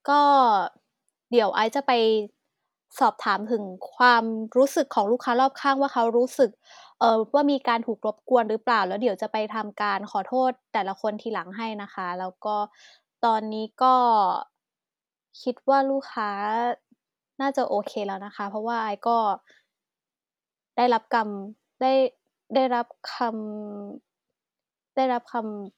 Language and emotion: Thai, frustrated